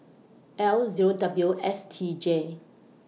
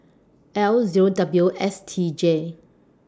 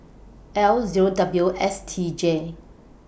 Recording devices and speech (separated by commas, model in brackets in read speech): mobile phone (iPhone 6), standing microphone (AKG C214), boundary microphone (BM630), read sentence